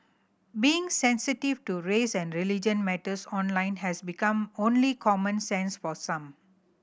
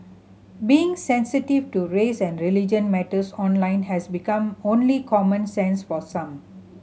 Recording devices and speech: boundary microphone (BM630), mobile phone (Samsung C7100), read sentence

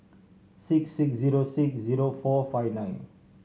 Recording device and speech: mobile phone (Samsung C7100), read sentence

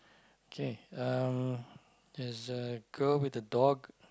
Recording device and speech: close-talking microphone, conversation in the same room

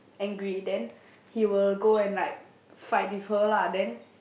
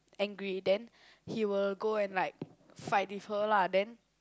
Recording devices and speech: boundary microphone, close-talking microphone, conversation in the same room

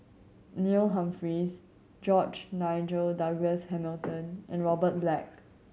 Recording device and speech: mobile phone (Samsung C7100), read sentence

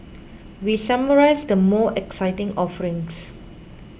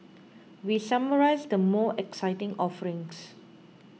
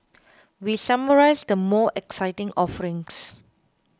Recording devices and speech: boundary microphone (BM630), mobile phone (iPhone 6), close-talking microphone (WH20), read sentence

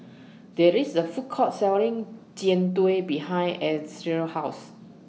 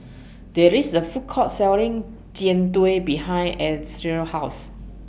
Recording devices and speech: mobile phone (iPhone 6), boundary microphone (BM630), read sentence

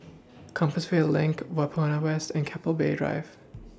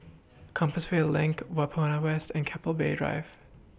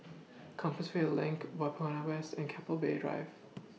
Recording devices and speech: standing microphone (AKG C214), boundary microphone (BM630), mobile phone (iPhone 6), read sentence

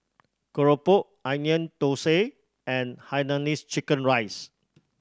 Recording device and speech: standing microphone (AKG C214), read sentence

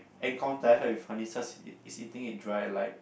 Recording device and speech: boundary microphone, conversation in the same room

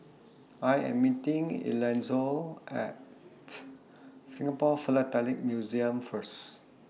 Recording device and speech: mobile phone (iPhone 6), read sentence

